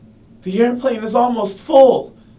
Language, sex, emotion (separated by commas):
English, male, fearful